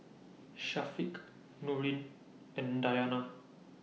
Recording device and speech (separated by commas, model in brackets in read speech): mobile phone (iPhone 6), read sentence